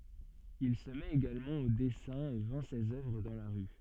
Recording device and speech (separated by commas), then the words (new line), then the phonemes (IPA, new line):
soft in-ear microphone, read sentence
Il se met également au dessin et vend ses œuvres dans la rue.
il sə mɛt eɡalmɑ̃ o dɛsɛ̃ e vɑ̃ sez œvʁ dɑ̃ la ʁy